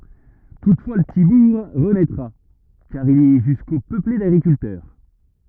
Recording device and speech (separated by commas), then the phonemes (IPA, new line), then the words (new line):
rigid in-ear microphone, read sentence
tutfwa lə pəti buʁ ʁənɛtʁa kaʁ il ɛ ʒysko pøple daɡʁikyltœʁ
Toutefois le petit bourg renaîtra, car il est jusqu’au peuplé d’agriculteurs.